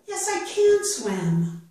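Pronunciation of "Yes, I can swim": The stress falls on 'can'.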